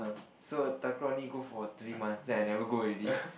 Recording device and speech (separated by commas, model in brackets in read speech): boundary microphone, conversation in the same room